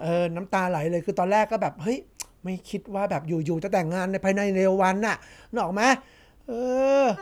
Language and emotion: Thai, happy